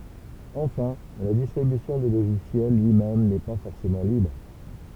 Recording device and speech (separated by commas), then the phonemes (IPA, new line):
temple vibration pickup, read sentence
ɑ̃fɛ̃ la distʁibysjɔ̃ dy loʒisjɛl lyi mɛm nɛ pa fɔʁsemɑ̃ libʁ